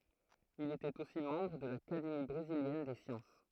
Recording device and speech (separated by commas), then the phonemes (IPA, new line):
throat microphone, read sentence
il etɛt osi mɑ̃bʁ də lakademi bʁeziljɛn de sjɑ̃s